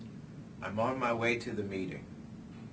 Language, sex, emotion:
English, male, neutral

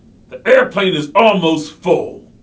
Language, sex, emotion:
English, male, angry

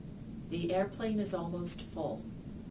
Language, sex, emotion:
English, female, neutral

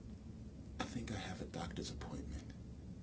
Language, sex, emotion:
English, male, neutral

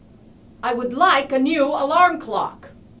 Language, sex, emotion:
English, female, angry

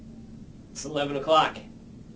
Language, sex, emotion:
English, male, neutral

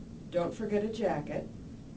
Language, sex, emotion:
English, female, neutral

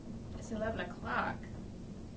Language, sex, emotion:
English, female, neutral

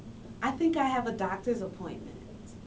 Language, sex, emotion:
English, female, neutral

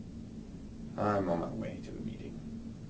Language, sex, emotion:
English, male, sad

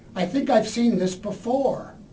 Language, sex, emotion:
English, male, neutral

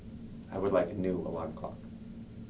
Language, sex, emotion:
English, male, neutral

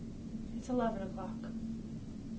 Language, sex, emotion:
English, female, neutral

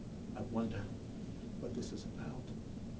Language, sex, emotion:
English, male, neutral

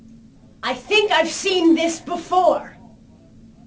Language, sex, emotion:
English, female, angry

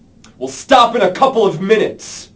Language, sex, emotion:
English, male, angry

